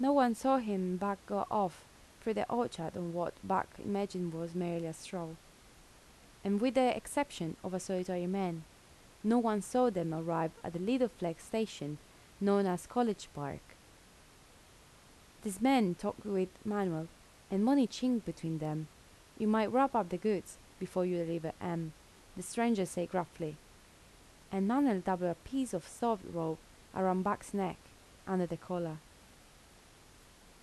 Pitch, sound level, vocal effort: 185 Hz, 80 dB SPL, soft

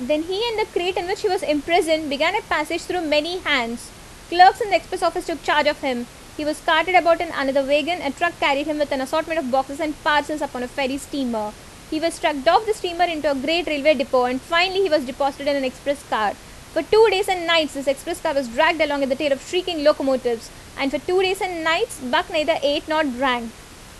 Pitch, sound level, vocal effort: 310 Hz, 86 dB SPL, loud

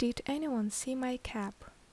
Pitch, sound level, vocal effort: 245 Hz, 73 dB SPL, soft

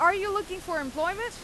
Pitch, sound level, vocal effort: 365 Hz, 97 dB SPL, very loud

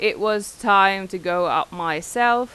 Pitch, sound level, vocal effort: 195 Hz, 92 dB SPL, loud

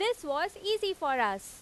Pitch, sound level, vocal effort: 370 Hz, 94 dB SPL, very loud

